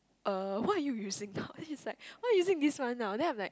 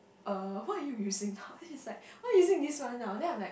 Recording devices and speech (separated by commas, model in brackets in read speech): close-talking microphone, boundary microphone, conversation in the same room